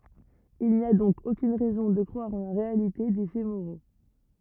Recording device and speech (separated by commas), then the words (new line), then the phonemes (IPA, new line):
rigid in-ear microphone, read sentence
Il n'y a donc aucune raison de croire en la réalité des faits moraux.
il ni a dɔ̃k okyn ʁɛzɔ̃ də kʁwaʁ ɑ̃ la ʁealite de fɛ moʁo